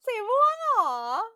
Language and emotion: Thai, happy